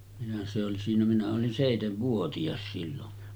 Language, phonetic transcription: Finnish, minä se oli siinä minä olin "sèitevvuoti₍as 'sillon .
- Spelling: minä se oli siinä minä olin seitsenvuotias silloin

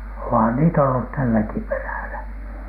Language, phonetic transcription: Finnish, ohan niitä ollu tälläki perä̀lä .
- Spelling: onhan niitä ollut tälläkin perällä

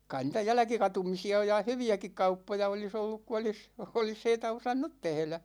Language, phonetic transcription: Finnish, 'kai niitä "jälᵃ̈kikatumisi₍a (oj) ja "hyvi₍äkik 'kauppoja oli's ‿olluk ku 'olis , 'olis heitä 'osannut 'tehlä .
- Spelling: kai niitä jälkikatumisia on ja hyviäkin kauppoja olisi ollut kun olisi olisi heitä osannut tehdä

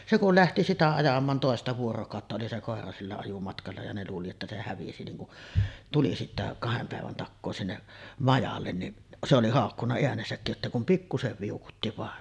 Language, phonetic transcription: Finnish, 'se kul "lähti sitä ajam̆maan 'tòesta vuorokàotta oli se 'kòera sillä ajumatkalla ja ne luuli että se 'hävisi niŋ kuˀ , tuli sittä , 'kahem pä̀evän takkoo sinne’ , 'majallen niˀ , se oli 'hàokkunna 'eänesäkkij jottèi kum 'pikkusev viukutti vàen .
- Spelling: se kun lähti sitä ajamaan toista vuorokautta oli se koira sillä ajomatkalla ja ne luuli että se hävisi niin kun tuli sitten kahden päivän takaa sinne majalle niin se oli haukkunut äänensäkin jotta ei kuin pikkuisen viukutti vain

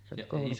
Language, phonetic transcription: Finnish, se oli kòulun ,.
- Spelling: se oli koulun

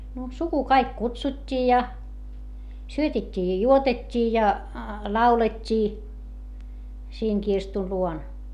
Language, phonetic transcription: Finnish, no , suku kaik kutsut́t́ii ja , syötet́t́ii ja juotet́t́ii ja , laulet́t́ii , siiŋ kirstu luon .
- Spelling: no suku kaikki kutsuttiin ja syötettiin ja juotettiin ja laulettiin siinä kirstun luona

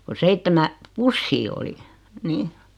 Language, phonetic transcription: Finnish, ko "seittemä , "pussii oli , 'ni .
- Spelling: kun seitsemän pussia oli niin

